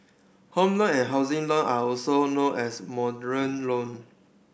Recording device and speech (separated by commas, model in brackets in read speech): boundary microphone (BM630), read sentence